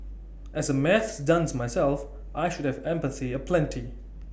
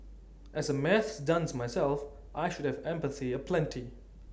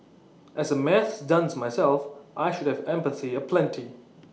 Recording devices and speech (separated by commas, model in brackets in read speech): boundary microphone (BM630), standing microphone (AKG C214), mobile phone (iPhone 6), read sentence